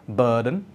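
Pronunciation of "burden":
In 'burden', the r is silent.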